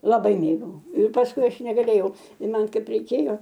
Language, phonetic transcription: Lithuanian, laˈbai ˈmėgau ir pasˈkui ˈaš negaˈlėjau i ˈman ˈkaip reiˈkėjo

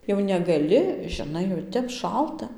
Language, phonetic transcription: Lithuanian, jau negaˈli žiˈnai jau ˈtep ˈšalta

